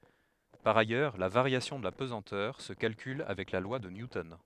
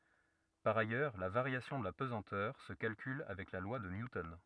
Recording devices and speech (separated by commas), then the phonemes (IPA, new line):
headset microphone, rigid in-ear microphone, read sentence
paʁ ajœʁ la vaʁjasjɔ̃ də la pəzɑ̃tœʁ sə kalkyl avɛk la lwa də njutɔn